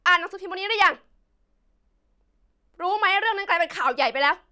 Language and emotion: Thai, angry